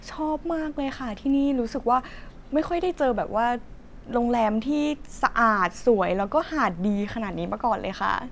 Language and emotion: Thai, happy